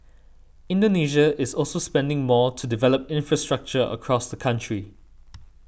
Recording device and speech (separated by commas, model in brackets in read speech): boundary microphone (BM630), read sentence